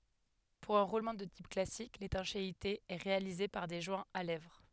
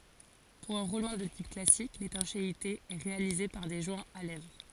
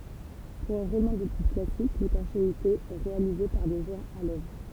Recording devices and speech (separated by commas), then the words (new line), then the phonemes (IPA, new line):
headset microphone, forehead accelerometer, temple vibration pickup, read sentence
Pour un roulement de type classique, l'étanchéité est réalisée par des joints à lèvres.
puʁ œ̃ ʁulmɑ̃ də tip klasik letɑ̃ʃeite ɛ ʁealize paʁ de ʒwɛ̃z a lɛvʁ